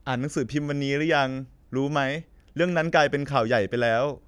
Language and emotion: Thai, sad